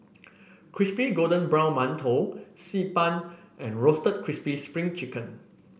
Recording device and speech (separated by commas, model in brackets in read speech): boundary microphone (BM630), read sentence